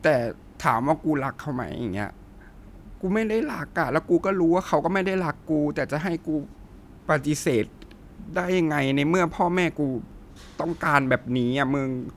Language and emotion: Thai, sad